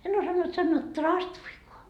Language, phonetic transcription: Finnish, en osannut sannoo "traastuikoa .
- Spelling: en osannut sanoa traastuikaan

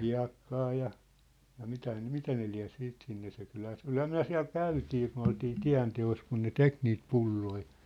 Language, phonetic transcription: Finnish, 'hia̭kkaa ja , ja 'mitä nĕ , "mitä ne liä̭ 'siit sinne se 'kylhä se ‿ol "kylhää 'myä̭ 'siä̭l "käytii kun ‿oltii "tiä̭nte₍os kun ne "tek niit "pulloi .
- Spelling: hiekkaa ja ja mitä ne mitä ne lie sitten sinne se kyllähän se oli kyllähän me siellä käytiin kun oltiin tienteossa kun ne teki niitä pulloja

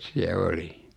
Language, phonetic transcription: Finnish, siä 'oli .
- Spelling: siellä olin

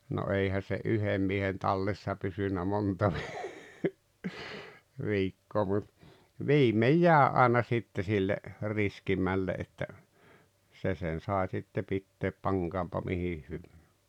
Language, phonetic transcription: Finnish, no 'eihä se "’yhem miehen 'tallessa pysynä 'monta vi- 'viikkoo mut , "viimej "jääᵉ àena sitte sille , 'riskimmälle ’että , 'se sen̬ 'sàe sitte pitteep "paŋkaampa 'mihi hyv- .
- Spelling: no eihän se yhden miehen tallessa pysynyt monta - viikkoa mutta viimein jäi aina sitten sille riskimmälle että se sen sai sitten pitää pankoonpa mihin -

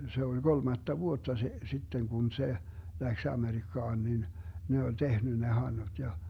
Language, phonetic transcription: Finnish, 'se oĺ "golmatta "vuotta se , 'sitteŋ kun "se , 'läks 'Amerikkaan nin , 'ne oĺ "tehny ne 'hannuD ja ,.
- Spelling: se oli kolmatta vuotta se sitten kun se lähti Amerikkaan niin ne oli tehnyt ne handut ja

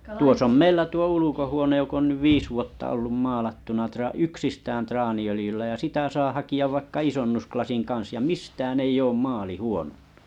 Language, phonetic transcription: Finnish, tuos ‿om "meilä tuo 'ulukohuonej jok ‿on nyv 'viis vuotta ollum 'maalattuna tra- 'yksistään 'traani₍ölⁱjyllä ja 'sitä saa haki₍ av vaikka 'isonnusklasin 'kan̬s ja "mistään ‿ei'j ‿oom 'maali 'huonᴏɴɴᴜ .
- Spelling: tuossa on meillä tuo ulkohuone joka on nyt viisi vuotta ollut maalattuna - yksistään traaniöljyllä ja sitä saa hakea vaikka isonnuslasin kanssa ja mistään ei ole maali huononnut

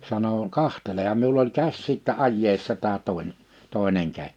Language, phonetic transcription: Finnish, sano » 'kahteleham « miul ‿oĺ 'käs sittä 'ajjeessa tää tòḙn(e) , 'tòe̬neŋ kä- .
- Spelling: sanoi katselehan minulla oli käsi sitten ajeessa tämä toinen toinen -

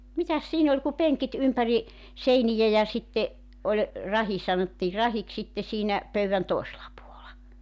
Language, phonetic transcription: Finnish, 'mitäs 'siin ‿oĺ ku 'peŋkit 'ympäri , 'seinijä ja 'sitte , 'oĺ , 'rahi sanottii 'rahiks sitte siinä , 'pöyvän 'tòesela puola .
- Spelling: mitäs siinä oli kuin penkit ympäri seiniä ja sitten oli rahi sanottiin rahiksi sitten siinä pöydän toisella puolella

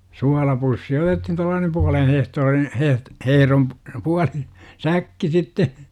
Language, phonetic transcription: Finnish, 'sualapussi otethin tuallaanem 'pualen hehtoorin , "heh- , 'hehᵉrom p- , 'puali , "säkki sitte , .
- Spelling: suolapussi otettiin tuollainen puolen hehtaarin heh hehdon - puoli säkki sitten

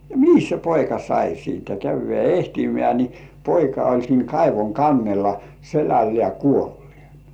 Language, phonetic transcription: Finnish, ja "mihis se 'poika sai siintä 'käyv̆vĕä "ehtimĕä̀ ni , 'poika oĺ siiŋ "kaivoŋ 'kannella , "selällĕä 'kuollĭènᴀ .
- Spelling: ja mihinkäs se poika sai siitä käydään etsimään niin poika oli siinä kaivon kannella selällään kuolleena

